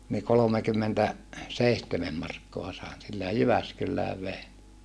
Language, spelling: Finnish, niin kolmekymmentä seitsemän markkaa sain sillä ja Jyväskylään vein
- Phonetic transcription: nii kolomekymmentä , seihtemem markkoa sài̮n sillä ja Jyväskyllääv vein .

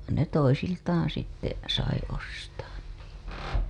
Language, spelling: Finnish, vaan ne toisiltaan sitten sai ostaa niitä
- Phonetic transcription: van ne 'toisiltaaa̰ sitte , sai ostaan niitä .

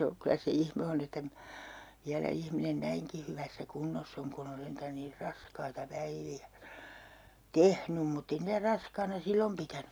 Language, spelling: Finnish, se on kyllä se ihme on että minä vielä ihminen näinkin hyvässä kunnossa on kun on sentään niin raskaita päiviä tehnyt mutta ei niitä raskaana silloin pitänyt
- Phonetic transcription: se o , 'kylä se 'ihme on ‿että minÄ , viälä 'ihminen "näiŋki hyvässä 'kunnoss ‿oŋ kun ‿on 'sentän niir "raskaita "päivi₍ä , "tehnym mutt ‿ei niitä 'raskaana 'sillom pitäny .

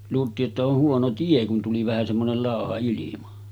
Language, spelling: Finnish, luultiin että on huono tie kun tuli vähän semmoinen lauha ilma
- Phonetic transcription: luult̀ii’ ’että oh 'huono 'tie kun tuli vähä semmonel 'làoha ilima .

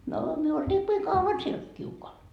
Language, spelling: Finnish, no me oltiinkin kauan siellä kiukaalla
- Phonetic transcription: noo myö oltiikkii 'kau₍an siel 'kiukoal .

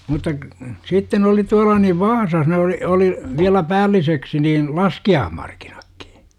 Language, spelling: Finnish, mutta - sitten oli tuolla niin Vaasassa ne oli oli vielä päälliseksi niin laskiaismarkkinatkin
- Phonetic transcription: mutta k- , 'sitten ‿oli 'tuala niv "Vaasas ne oli , oli , viälä 'päälliseksi niin , "laski₍aahmarkINAkkI .

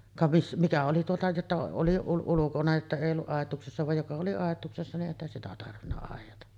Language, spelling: Finnish, ka - mitä oli tuota jotta oli - ulkona että ei ollut aitauksessa vaan joka oli aitauksessa niin eihän sitä tarvinnut aidata
- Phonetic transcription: ka vis- , 'mitä oli tuota jotta oli ul- ulukona että 'èij ‿olluˀ 'ˀàet̆tuuksessa vaj 'joka oli 'àet̆tuuksessa niˀ 'ˀèihän 'sitä tarvinna àejata .

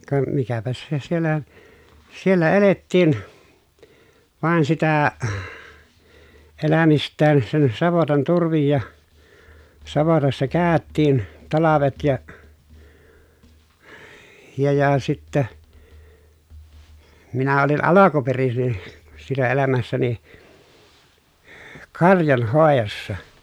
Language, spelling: Finnish, ka mikäpäs se siellä siellä elettiin vain sitä elämistään sen savotan turvin ja savotassa käytiin talvet ja ja ja sitten minä olin alkuperin siinä elämässäni karjanhoidossa
- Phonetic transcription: ka , mikäpäs se siellä , siellä elettiin , vàen sitä , elämist̆tään sen savotan turvij ja , savotassa kä̀öttiin talavet ja , ja ja sittä , minä olin alakuperisin , siinä elämässäni , karjanhòejossa .

